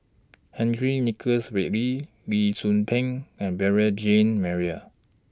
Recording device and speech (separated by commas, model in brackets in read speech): standing microphone (AKG C214), read sentence